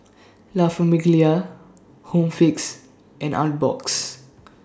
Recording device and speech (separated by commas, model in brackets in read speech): standing microphone (AKG C214), read sentence